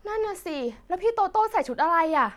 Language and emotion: Thai, frustrated